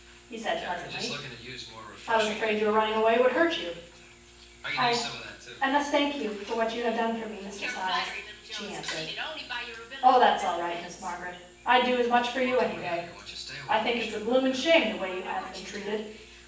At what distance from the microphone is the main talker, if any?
9.8 m.